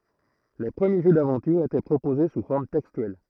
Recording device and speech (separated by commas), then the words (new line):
throat microphone, read sentence
Les premiers jeux d'aventure étaient proposés sous forme textuelle.